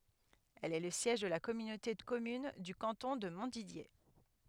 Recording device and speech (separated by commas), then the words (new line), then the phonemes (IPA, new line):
headset microphone, read sentence
Elle est le siège de la communauté de communes du canton de Montdidier.
ɛl ɛ lə sjɛʒ də la kɔmynote də kɔmyn dy kɑ̃tɔ̃ də mɔ̃tdidje